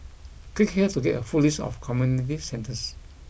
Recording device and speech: boundary microphone (BM630), read sentence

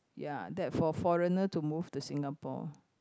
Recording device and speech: close-talking microphone, conversation in the same room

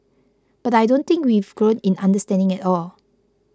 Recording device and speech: close-talking microphone (WH20), read sentence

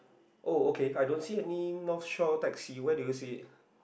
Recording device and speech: boundary microphone, conversation in the same room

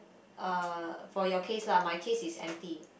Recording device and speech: boundary microphone, conversation in the same room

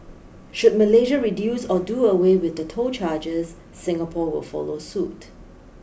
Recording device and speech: boundary microphone (BM630), read sentence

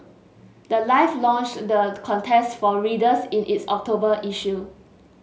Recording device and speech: mobile phone (Samsung S8), read sentence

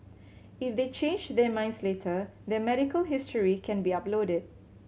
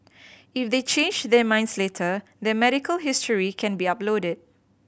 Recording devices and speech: mobile phone (Samsung C7100), boundary microphone (BM630), read sentence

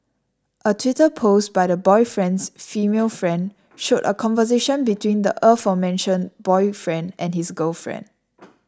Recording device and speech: standing microphone (AKG C214), read sentence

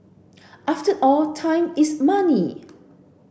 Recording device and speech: boundary microphone (BM630), read sentence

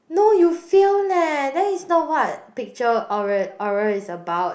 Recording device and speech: boundary microphone, conversation in the same room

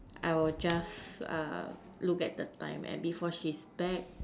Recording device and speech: standing microphone, conversation in separate rooms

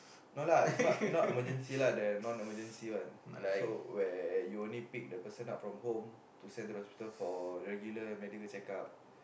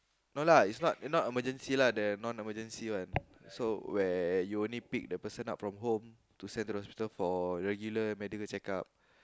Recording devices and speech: boundary microphone, close-talking microphone, conversation in the same room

